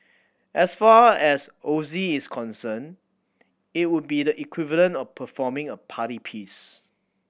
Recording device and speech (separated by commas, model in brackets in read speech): boundary microphone (BM630), read sentence